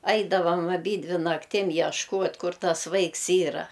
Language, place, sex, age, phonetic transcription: Lithuanian, Aukštaitija, female, 60+, ˈaidavam aˈbydvi nakˈtim ješˈkuot' ˈkur ˈtas ˈvaiks ˈyra

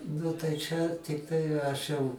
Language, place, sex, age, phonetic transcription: Lithuanian, Aukštaitija, male, 60+, ˈnu tai čia tikˈtai aš jau

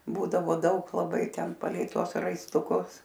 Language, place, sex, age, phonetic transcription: Lithuanian, Aukštaitija, female, 60+, ˈbūdavo ˈdaug laˈbai ˈten paˈlei ˈtuos raistuˈkus

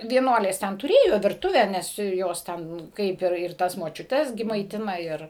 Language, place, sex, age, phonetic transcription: Lithuanian, Suvalkija, female, 60+, vieˈnuolės ˈten tuˈrėjo virˈtuvę ˈnes ˈjos ˈten ˈkaip ir ˈtas močiuˈtes ˈgi maiˈtina ˈir

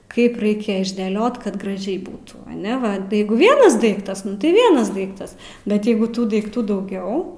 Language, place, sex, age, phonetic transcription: Lithuanian, Aukštaitija, female, 18-60, ˈkaip ˈraikia išdėˈliot kad graˈžiai ˈbūtų aˈne ˈva ˈjeigu ˈvienas ˈdaiktas tai ˈvienas ˈdaiktas ˈbet ˈjeigu ˈtų daikˈtų dauˈgiau

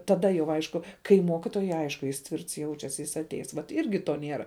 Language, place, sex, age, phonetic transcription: Lithuanian, Žemaitija, female, 18-60, taˈda jau ˈaišku kai ˈmokitojui ˈaišku jis ˈtvirts ˈjaučias jis atˈeis vat ˈirgi to ˈnėra

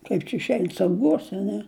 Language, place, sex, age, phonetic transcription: Lithuanian, Žemaitija, female, 60+, ˈkaip čia išˈein sauˈguose a ˈne

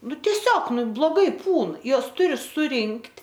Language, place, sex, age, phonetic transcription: Lithuanian, Aukštaitija, female, 18-60, ˈnu teˈsiog ˈnu bloˈgai ˈpūn ˈjuos ˈturi suˈrinkt'

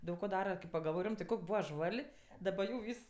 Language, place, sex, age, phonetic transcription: Lithuanian, Aukštaitija, female, 18-60, ˈdaug ko ˈdara kaip pagalˈvoj ˈrimtɜ ˈkok' ˈbūva ˈžval' daˈba jau ˈvys

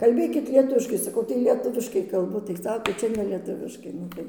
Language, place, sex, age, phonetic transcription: Lithuanian, Dzūkija, female, 60+, kalˈbėkit lieˈtuviškai saˈkau tai lieˈtuviškai kalˈbu tai ˈsako ˈčia ne lieˈtuviškai ˈnu tai

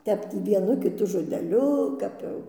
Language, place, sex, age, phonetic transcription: Lithuanian, Dzūkija, female, 60+, ˈtep ˈtį vieˈnu kiˈtu žodeˈliu ˈkap jau

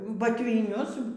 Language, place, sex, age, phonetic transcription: Lithuanian, Aukštaitija, female, 60+, batviˈnius

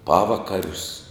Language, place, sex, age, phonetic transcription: Lithuanian, Žemaitija, male, 60+, ˈpavakarius

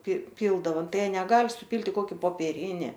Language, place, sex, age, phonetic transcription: Lithuanian, Aukštaitija, female, 18-60, pri ˈpyldavo ˈtai ˈjie neˈgal' supylt' i ˈkoki popieˈrini

